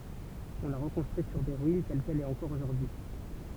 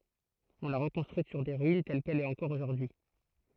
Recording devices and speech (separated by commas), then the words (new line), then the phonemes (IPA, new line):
temple vibration pickup, throat microphone, read sentence
On l'a reconstruite sur ses ruines, telle qu'elle est encore aujourd'hui.
ɔ̃ la ʁəkɔ̃stʁyit syʁ se ʁyin tɛl kɛl ɛt ɑ̃kɔʁ oʒuʁdyi